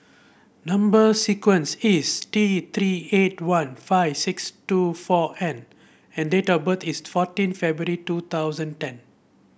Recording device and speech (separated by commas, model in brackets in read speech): boundary microphone (BM630), read sentence